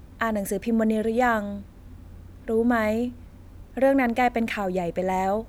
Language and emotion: Thai, neutral